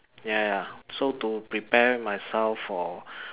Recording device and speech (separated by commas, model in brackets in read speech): telephone, conversation in separate rooms